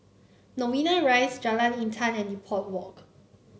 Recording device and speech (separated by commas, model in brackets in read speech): mobile phone (Samsung C9), read sentence